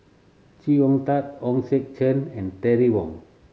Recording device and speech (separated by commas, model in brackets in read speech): mobile phone (Samsung C7100), read sentence